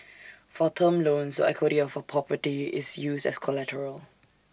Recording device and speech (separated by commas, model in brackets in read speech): standing microphone (AKG C214), read sentence